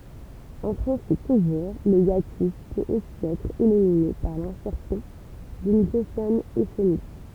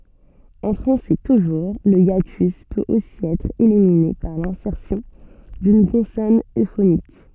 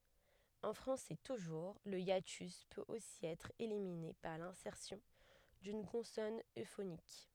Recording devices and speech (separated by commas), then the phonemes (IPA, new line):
temple vibration pickup, soft in-ear microphone, headset microphone, read sentence
ɑ̃ fʁɑ̃sɛ tuʒuʁ lə jatys pøt osi ɛtʁ elimine paʁ lɛ̃sɛʁsjɔ̃ dyn kɔ̃sɔn øfonik